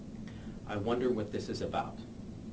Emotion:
neutral